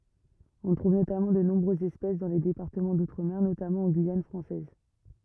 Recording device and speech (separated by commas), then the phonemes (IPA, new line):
rigid in-ear microphone, read sentence
ɔ̃ tʁuv notamɑ̃ də nɔ̃bʁøzz ɛspɛs dɑ̃ le depaʁtəmɑ̃ dutʁəme notamɑ̃ ɑ̃ ɡyijan fʁɑ̃sɛz